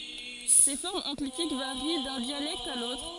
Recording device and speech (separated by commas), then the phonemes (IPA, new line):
forehead accelerometer, read sentence
se fɔʁmz ɑ̃klitik vaʁi dœ̃ djalɛkt a lotʁ